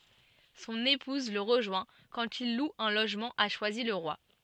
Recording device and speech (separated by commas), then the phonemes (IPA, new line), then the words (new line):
soft in-ear microphone, read sentence
sɔ̃n epuz lə ʁəʒwɛ̃ kɑ̃t il lu œ̃ loʒmɑ̃ a ʃwazilʁwa
Son épouse le rejoint quand il loue un logement à Choisy-le-Roi.